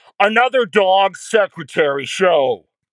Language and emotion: English, angry